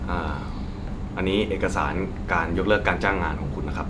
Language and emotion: Thai, neutral